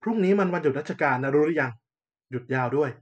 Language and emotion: Thai, frustrated